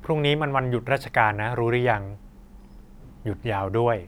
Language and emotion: Thai, neutral